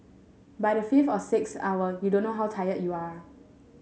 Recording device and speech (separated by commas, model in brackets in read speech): mobile phone (Samsung S8), read sentence